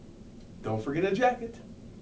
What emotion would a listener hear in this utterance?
happy